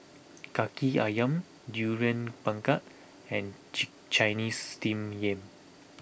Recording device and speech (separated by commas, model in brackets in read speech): boundary microphone (BM630), read sentence